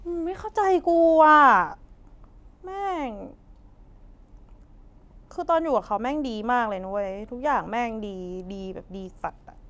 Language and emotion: Thai, frustrated